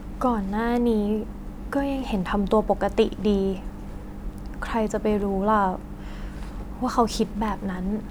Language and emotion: Thai, frustrated